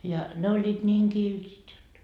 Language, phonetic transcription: Finnish, ja ne oĺĺiit 'ńiiŋ "kiltit jot .
- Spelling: ja ne olivat niin kiltit jotta

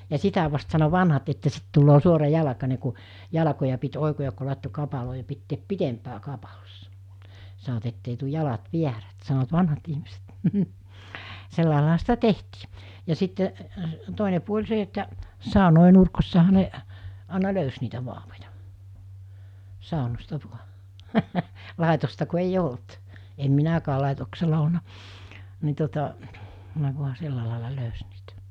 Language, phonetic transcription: Finnish, ja 'sitä vast sano 'vanhat että 'sit tulloo 'suora'jalakane ku , 'jalakoja pit 'òikojak ku làetto 'kapaloo ja pitteep "pitempää 'kapalossᴀ , san̬oʿᵛᵃʾ)t ettei tuj 'jalat "viärät san̬oᵛᵃt "vanhat ihmiset , 'sellàelaaha sitä "tehti , ja 'sitte , 'tòine puoĺ 'se että , 'sàunòe 'nurko̳ssaha ne , àena 'löys niitä 'vaavoja , 'sàonosta 'vua , 'làetosta ku ei"j ‿olt , em 'minäkää 'làetoksela olna , ni tuota , ne vua 'se̳lla làela 'löys niitä .
- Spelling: ja sitä vasten sanoi vanhat että sitten tulee suorajalkainen kun jalkoja piti oikoa kun laittoi kapaloon ja pitää pitempää kapalossa sanoivat että ei tule jalat väärät sanoivat vanhat ihmiset sellainenhan sitä tehtiin ja sitten toinen puoli se että saunojen nurkissahan ne aina löysi niitä vauvoja saunasta vain laitosta kun ei ollut en minäkään laitoksella ollut niin tuota ne vain sillä lailla löysi niitä

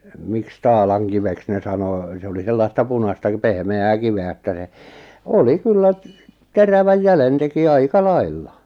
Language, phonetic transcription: Finnish, miks 'taalaŋkiveks ne 'sanò , 'se oli 'sellasta 'punasta k- 'pehme₍ää 'kive₍ä että se , 'oli "kyllä , "teräväj 'jälen teki 'aika "lailla .
- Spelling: miksi taalankiveksi ne sanoi se oli sellaista punaista - pehmeää kiveä että se oli kyllä terävän jäljen teki aika lailla

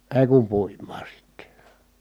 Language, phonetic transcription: Finnish, èi̮ kum puim̆maa sitte .
- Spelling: ei kun puimaan sitten

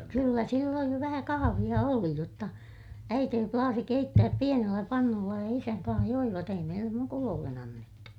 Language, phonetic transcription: Finnish, kyllä sillooj jo vähä kahaviʲa oli jotta , äitee plaasi keittääp pienellä pannulla ja isäŋ kaa̰h joivat ‿ei meillem mukuloollen ‿annettu .
- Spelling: kyllä silloin jo vähän kahvia oli jotta äiti plaasi keittää pienellä pannulla ja isän kanssa joivat ei meille mukuloille annettu

